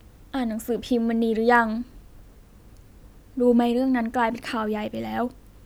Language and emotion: Thai, sad